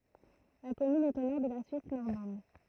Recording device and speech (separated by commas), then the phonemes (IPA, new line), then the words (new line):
throat microphone, read sentence
la kɔmyn ɛt o nɔʁ də la syis nɔʁmɑ̃d
La commune est au nord de la Suisse normande.